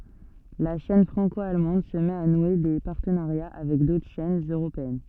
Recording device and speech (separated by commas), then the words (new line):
soft in-ear microphone, read sentence
La chaîne franco-allemande se met à nouer des partenariats avec d'autres chaînes européennes.